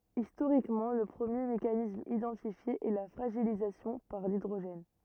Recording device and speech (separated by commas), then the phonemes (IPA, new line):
rigid in-ear microphone, read sentence
istoʁikmɑ̃ lə pʁəmje mekanism idɑ̃tifje ɛ la fʁaʒilizasjɔ̃ paʁ lidʁoʒɛn